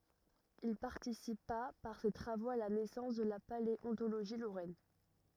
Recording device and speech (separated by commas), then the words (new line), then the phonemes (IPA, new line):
rigid in-ear microphone, read sentence
Il participa par ses travaux à la naissance de la paléontologie lorraine.
il paʁtisipa paʁ se tʁavoz a la nɛsɑ̃s də la paleɔ̃toloʒi loʁɛn